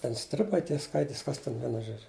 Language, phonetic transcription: Lithuanian, ˈten ˈstribai ˈtie ˈskaitis ˈkas ˈten ˈvienu ˈžodžiu

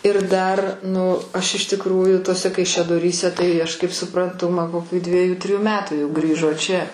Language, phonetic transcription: Lithuanian, ir ˈdar ˈnu ˈaš iš tikˈrųju tuoˈse kaišiadoˈryse tai aš kaip supranˈtu man koˈkių ˈdvieju ˈtryju ˈmetų jau ˈgrįžo čia

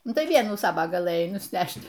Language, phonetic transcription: Lithuanian, ˈnu tai ˈvienų ˈsava gaˈlɘjai nusˈnæšt

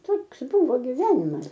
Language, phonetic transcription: Lithuanian, ˈtoks ˈbūvo giˈvenimas

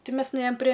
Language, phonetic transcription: Lithuanian, ˈti ˈmes nuˈėjom prė

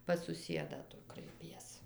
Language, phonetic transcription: Lithuanian, pas suˈsiedą ˈtu kraiˈpies

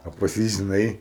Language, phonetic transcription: Lithuanian, a pas ˈjį žiˈnai

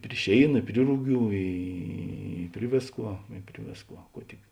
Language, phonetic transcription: Lithuanian, pri ˈšėina i ˈpri ruˌgių ˈy ˈpri vėsˌkuo i ˈpri vėsˌkuo ˈkuo tik

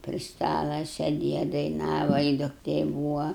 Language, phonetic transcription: Lithuanian, pri ˈstala seˈdėja daiˈnava i dukˈtė ˈbūva

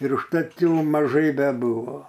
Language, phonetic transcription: Lithuanian, ir užˈtat ˈjų maˈžai beˈbuvo

